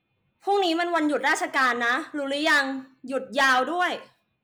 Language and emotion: Thai, neutral